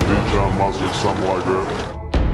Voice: Dramatic voice